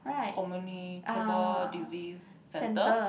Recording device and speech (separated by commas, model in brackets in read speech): boundary microphone, conversation in the same room